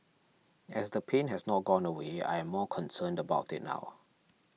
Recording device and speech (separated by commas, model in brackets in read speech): mobile phone (iPhone 6), read sentence